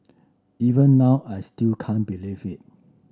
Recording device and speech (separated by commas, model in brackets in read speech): standing microphone (AKG C214), read sentence